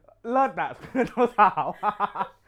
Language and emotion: Thai, happy